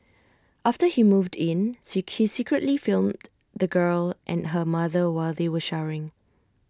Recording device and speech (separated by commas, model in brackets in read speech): standing microphone (AKG C214), read sentence